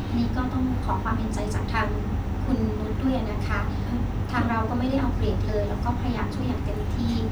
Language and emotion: Thai, sad